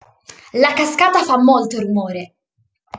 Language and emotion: Italian, angry